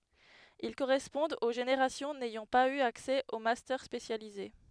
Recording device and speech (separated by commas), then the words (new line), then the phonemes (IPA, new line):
headset microphone, read sentence
Ils correspondent aux générations n'ayant pas eu accès aux Master spécialisés.
il koʁɛspɔ̃dt o ʒeneʁasjɔ̃ nɛjɑ̃ paz y aksɛ o mastœʁ spesjalize